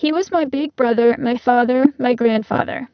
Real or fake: fake